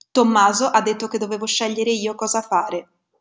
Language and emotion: Italian, neutral